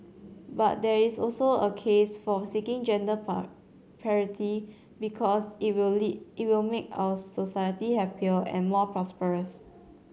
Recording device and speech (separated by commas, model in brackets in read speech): mobile phone (Samsung C7100), read sentence